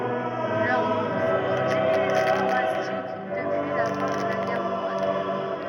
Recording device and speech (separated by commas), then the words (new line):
rigid in-ear microphone, read sentence
Leur nombre sont en diminution drastique depuis la fin de la guerre froide.